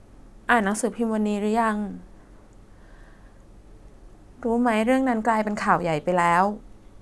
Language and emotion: Thai, sad